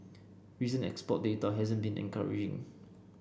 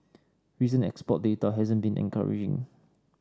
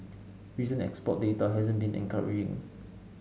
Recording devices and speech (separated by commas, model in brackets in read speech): boundary microphone (BM630), standing microphone (AKG C214), mobile phone (Samsung S8), read sentence